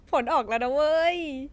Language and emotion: Thai, happy